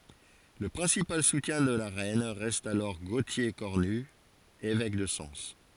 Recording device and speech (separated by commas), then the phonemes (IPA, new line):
forehead accelerometer, read sentence
lə pʁɛ̃sipal sutjɛ̃ də la ʁɛn ʁɛst alɔʁ ɡotje kɔʁny evɛk də sɑ̃s